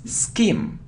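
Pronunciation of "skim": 'Scheme' is pronounced correctly here, starting with 'sk', not 'sh'.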